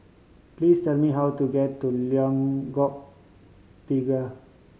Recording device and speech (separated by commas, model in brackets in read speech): mobile phone (Samsung C5010), read sentence